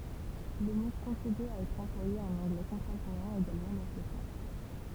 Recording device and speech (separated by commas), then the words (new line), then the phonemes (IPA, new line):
temple vibration pickup, read sentence
Le mot continue à être employé en anglais contemporain également dans ce sens.
lə mo kɔ̃tiny a ɛtʁ ɑ̃plwaje ɑ̃n ɑ̃ɡlɛ kɔ̃tɑ̃poʁɛ̃ eɡalmɑ̃ dɑ̃ sə sɑ̃s